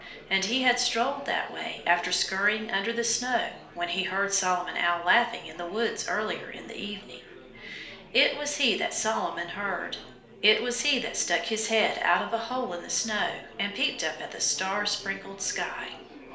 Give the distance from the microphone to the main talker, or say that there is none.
1.0 m.